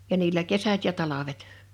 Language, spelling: Finnish, ja niillä kesät ja talvet
- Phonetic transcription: ja 'niillä "kesät ja 'talavet .

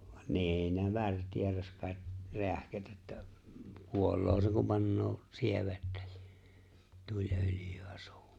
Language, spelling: Finnish, niin ne värteerasi kai räähkät että kuolee se kun panee sievettä siihen - tuliöljyä suuhun
- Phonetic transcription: nî̬n ne 'värtieras kàet , 'reähkät että , "kuol̆loo se kum 'pannoo , 'sievettä (sɪɪʜᴇ) , 'tuĺ’ ’öljy₍ä sᴜᴜʜᴜ .

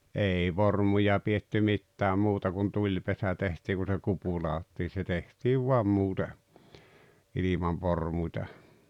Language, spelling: Finnish, ei vormuja pidetty mitään muuta kuin tulipesä tehtiin kun se kupu ladottiin se tehtiin vain muuten ilman vormua
- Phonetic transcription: '’èi "vormuja pietty "mittääm 'muuta kun "tuĺpesä tehtii ku se "kupu laottii se 'tehtiiv vuam 'muute , ilimav 'vormuⁱta .

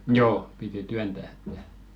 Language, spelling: Finnish, joo piti työntää että
- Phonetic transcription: 'joo , piti "tyäntä että .

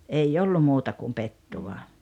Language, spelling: Finnish, ei ollut muuta kuin pettua
- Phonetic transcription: ei ollu 'muuta kum 'pettuva .

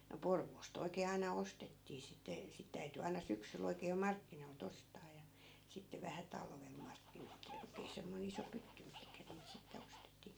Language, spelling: Finnish, no Porvoosta oikein aina ostettiin sitten sitten täytyi aina syksyllä oikein jo markkinoilta ostaa ja sitten vähän talvella markkina oikein oikein semmoinen iso pytty mihin niitä sitten ostettiin
- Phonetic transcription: no 'Porvoos't ‿oi̮kee aina 'ostettii sitte , 'sit täyty aina 'syksyl ‿oikee jo "markkinoi̮l't ‿ostaa ja , 'sitte vähä 'talvel 'markkin ‿oikee oikee 'semmoi̮n ‿iso "pytty mihkä niit sitte 'ostettii .

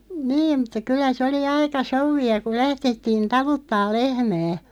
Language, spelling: Finnish, niin mutta kyllä se oli aika souvia kun lähdettiin taluttamaan lehmää
- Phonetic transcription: 'niim mᴜtta 'kyl̆lä se oli "aika 'souvvia ku 'lähᴅettiin "taluttaal 'lehmää .

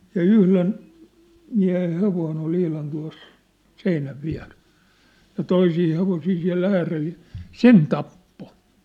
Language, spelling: Finnish, ja yhden miehen hevonen oli ihan tuossa seinän vieressä ja toisia hevosia siellä äärellä ja sen tappoi
- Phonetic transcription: ja 'yhlen , miä̭hen̬ 'hevoin ‿ol 'ihlan tua̭s , 'seinäv 'viä̭rᴇ(s) , ja 'toisii 'hevosii siä̭l 'ääreʟ ᴊᴀ , "sen 'tappo !

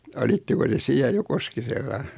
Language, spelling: Finnish, olitteko te siellä jo Koskisella
- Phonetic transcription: 'olitteko te 'siä jo "Koskisella ?

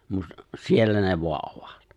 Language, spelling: Finnish, mutta siellä ne vain ovat
- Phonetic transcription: mut , 'siellä ne voa’ '’ovᴀt .

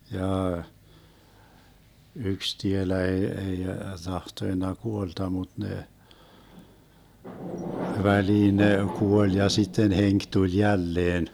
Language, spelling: Finnish, jaa yksi tielä ei ei tahtonut kuolla mutta ne väliin ne kuoli ja sitten henki tuli jälleen
- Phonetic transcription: 'jaa , 'yks 'tielä ee 'ei , '(t)ahtoⁱnna 'kuolta mut 'nee , 'väliin ne 'kuoĺ ja 'sitten 'heŋk 'tuĺ 'jälleen .

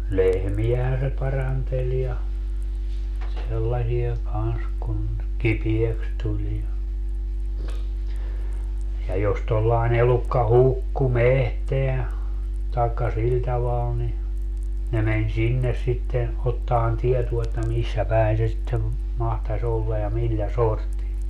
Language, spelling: Finnish, lehmiähän se paranteli ja sellaisia kanssa kun kipeäksi tuli ja ja jos tuollainen elukka hukkui metsään tai sillä tavalla niin ne meni sinne sitten ottamaan tietoa että missä päin se sitten mahtaisi olla ja millä sortin
- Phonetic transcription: 'lehmijähän se 'paranteĺ ja , sellasiʲa kans kun , "kipieks 'tuĺ ja , ja jos tollae'n ‿elukka "hukku "mehteä , taekka 'sil taval ni , ne meń 'sinnes sitten , ottaan 'tietuo että "missä 'pä̀in se sittev , 'mahtas ‿olla ja "millä "sorti .

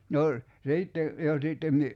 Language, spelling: Finnish, no sitten jo sitten -
- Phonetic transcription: no , 'siitte , jo 'sìtten mi- ,.

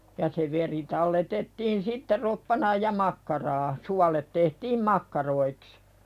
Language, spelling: Finnish, ja se veri talletettiin sitten roppanaan ja makkaraa suolet tehtiin makkaroiksi
- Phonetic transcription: ja se 'veri talletettiin sitte "roppanaaj ja 'makkaraa , 'sualet tehtiim "makkaroiks .

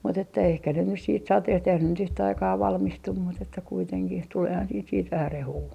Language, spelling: Finnish, mutta että ehkä ne nyt sitten sateet eihän ne nyt yhtä aikaa valmistu mutta että kuitenkin tuleehan sitten sitten vähän rehua
- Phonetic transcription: mut ‿että ehkä ne nys siit 'sateht eihän ne nyt yhtä aikaa 'valmistum mut ‿että kuiteŋkih 'tuleehan siit siit 'vähä "rehuu .

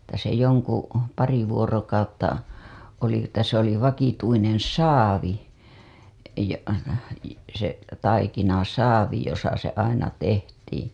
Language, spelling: Finnish, että se jonka pari vuorokautta oli että se oli vakituinen saavi ja se taikinasaavi jossa se aina tehtiin
- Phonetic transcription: että se joŋka , 'pari 'vuorokautta , oli että se ‿oli 'vakituineḛ "saavi , ja , se , 'taikinasaavi josa se 'aina tehtiiḭ .

